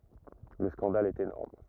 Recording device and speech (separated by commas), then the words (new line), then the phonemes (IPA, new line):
rigid in-ear microphone, read sentence
Le scandale est énorme.
lə skɑ̃dal ɛt enɔʁm